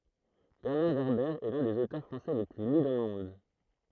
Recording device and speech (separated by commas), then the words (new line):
throat microphone, read sentence
Bernard Werber est l'un des auteurs français les plus lus dans le monde.